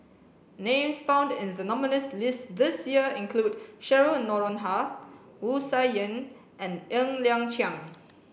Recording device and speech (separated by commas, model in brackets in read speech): boundary microphone (BM630), read sentence